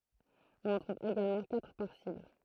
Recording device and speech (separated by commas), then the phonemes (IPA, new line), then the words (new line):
throat microphone, read sentence
ɔ̃n ɑ̃ tʁuv eɡalmɑ̃ katʁ paʁ sibl
On en trouve également quatre par cible.